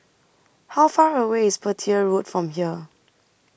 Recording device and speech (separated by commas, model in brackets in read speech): boundary microphone (BM630), read sentence